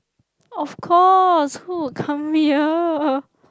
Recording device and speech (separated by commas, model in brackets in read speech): close-talking microphone, conversation in the same room